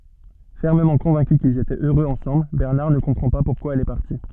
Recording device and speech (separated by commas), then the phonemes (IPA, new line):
soft in-ear microphone, read sentence
fɛʁməmɑ̃ kɔ̃vɛ̃ky kilz etɛt øʁøz ɑ̃sɑ̃bl bɛʁnaʁ nə kɔ̃pʁɑ̃ pa puʁkwa ɛl ɛ paʁti